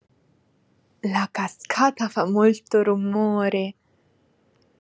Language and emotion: Italian, happy